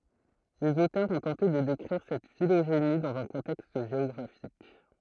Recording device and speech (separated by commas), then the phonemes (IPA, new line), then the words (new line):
throat microphone, read sentence
lez otœʁz ɔ̃ tɑ̃te də dekʁiʁ sɛt filoʒeni dɑ̃z œ̃ kɔ̃tɛkst ʒeɔɡʁafik
Les auteurs ont tenté de décrire cette phylogénie dans un contexte géographique.